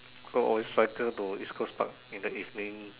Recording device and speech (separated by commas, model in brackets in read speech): telephone, conversation in separate rooms